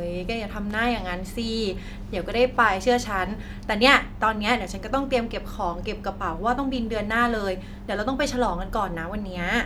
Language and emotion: Thai, neutral